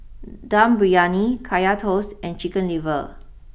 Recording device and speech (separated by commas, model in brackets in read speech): boundary microphone (BM630), read sentence